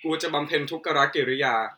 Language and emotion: Thai, neutral